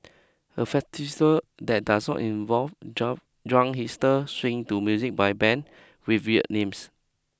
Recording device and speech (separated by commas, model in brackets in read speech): close-talking microphone (WH20), read sentence